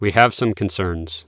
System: none